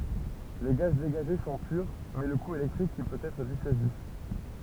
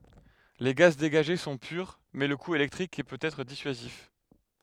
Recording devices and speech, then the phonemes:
temple vibration pickup, headset microphone, read sentence
le ɡaz deɡaʒe sɔ̃ pyʁ mɛ lə ku elɛktʁik pøt ɛtʁ disyazif

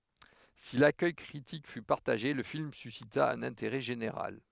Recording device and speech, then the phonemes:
headset microphone, read sentence
si lakœj kʁitik fy paʁtaʒe lə film sysita œ̃n ɛ̃teʁɛ ʒeneʁal

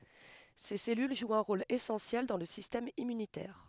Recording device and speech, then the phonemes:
headset microphone, read sentence
se sɛlyl ʒwt œ̃ ʁol esɑ̃sjɛl dɑ̃ lə sistɛm immynitɛʁ

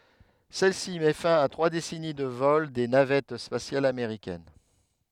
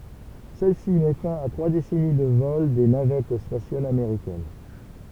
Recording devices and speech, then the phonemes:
headset microphone, temple vibration pickup, read sentence
sɛl si mɛ fɛ̃ a tʁwa desɛni də vɔl de navɛt spasjalz ameʁikɛn

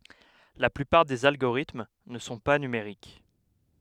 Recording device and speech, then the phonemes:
headset microphone, read sentence
la plypaʁ dez alɡoʁitm nə sɔ̃ pa nymeʁik

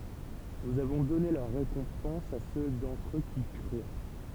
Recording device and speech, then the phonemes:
temple vibration pickup, read sentence
nuz avɔ̃ dɔne lœʁ ʁekɔ̃pɑ̃s a sø dɑ̃tʁ ø ki kʁyʁ

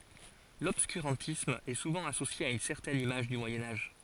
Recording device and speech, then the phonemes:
forehead accelerometer, read sentence
lɔbskyʁɑ̃tism ɛ suvɑ̃ asosje a yn sɛʁtɛn imaʒ dy mwajɛ̃ aʒ

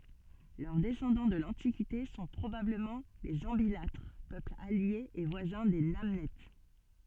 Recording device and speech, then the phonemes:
soft in-ear microphone, read sentence
lœʁ dɛsɑ̃dɑ̃ də lɑ̃tikite sɔ̃ pʁobabləmɑ̃ lez ɑ̃bilatʁ pøpl alje e vwazɛ̃ de nanɛt

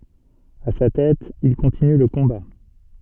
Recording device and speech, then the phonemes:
soft in-ear microphone, read sentence
a sa tɛt il kɔ̃tiny lə kɔ̃ba

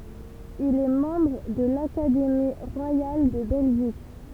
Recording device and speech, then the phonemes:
temple vibration pickup, read sentence
il ɛ mɑ̃bʁ də lakademi ʁwajal də bɛlʒik

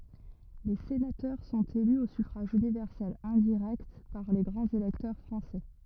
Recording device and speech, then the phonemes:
rigid in-ear microphone, read sentence
le senatœʁ sɔ̃t ely o syfʁaʒ ynivɛʁsɛl ɛ̃diʁɛkt paʁ le ɡʁɑ̃z elɛktœʁ fʁɑ̃sɛ

